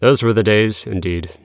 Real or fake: real